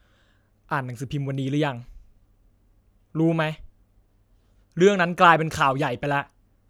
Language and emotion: Thai, frustrated